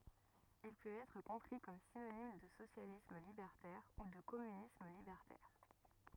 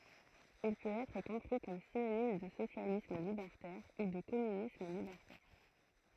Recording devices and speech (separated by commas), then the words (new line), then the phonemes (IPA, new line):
rigid in-ear microphone, throat microphone, read sentence
Il peut être compris comme synonyme de socialisme libertaire ou de communisme libertaire.
il pøt ɛtʁ kɔ̃pʁi kɔm sinonim də sosjalism libɛʁtɛʁ u də kɔmynism libɛʁtɛʁ